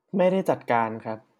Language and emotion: Thai, neutral